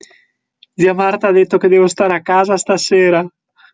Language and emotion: Italian, sad